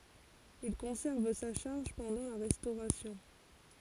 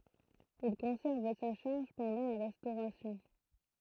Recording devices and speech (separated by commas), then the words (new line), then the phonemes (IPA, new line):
forehead accelerometer, throat microphone, read sentence
Il conserve sa charge pendant la Restauration.
il kɔ̃sɛʁv sa ʃaʁʒ pɑ̃dɑ̃ la ʁɛstoʁasjɔ̃